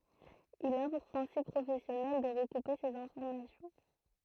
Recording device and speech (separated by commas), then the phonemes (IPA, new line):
throat microphone, read sentence
il a puʁ pʁɛ̃sip pʁofɛsjɔnɛl də ʁəkupe sez ɛ̃fɔʁmasjɔ̃